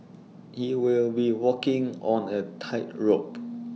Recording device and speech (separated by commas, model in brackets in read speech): mobile phone (iPhone 6), read sentence